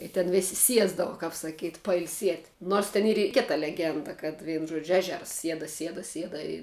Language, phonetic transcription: Lithuanian, i ten ˈvėsi ˈsiesdava kap saˈkyt' pailˈsiet' nors ten ˈyr i ˈkita leˈgenda kad ˈvienu ˈžuodžiu ˈežers ˈsieda ˈsieda ˈsieda i

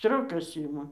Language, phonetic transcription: Lithuanian, ˈstriokas ˈima

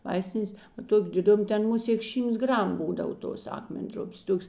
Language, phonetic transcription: Lithuanian, ˈvaistinės ˈtok' diˈdum ˈten ˈmuˌsėk ˈšymts ˈgram ˈbūdav ˈtos ˈakmen'ˌdrupės ˈtoks

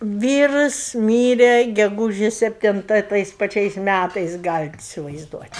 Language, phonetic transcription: Lithuanian, ˈvyrus ˈmyre geˈgūžės sepˈtinta i ˈtais paˈčiais ˈmætais ˈgalit isivaizˈduot'

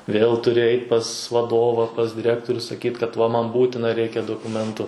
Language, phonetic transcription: Lithuanian, vėl tuˈri ˈeit' pas vaˈdova pas diˈrektoriu saˈkyt kad va man ˈbūtina ˈreikia dokuˈmentu

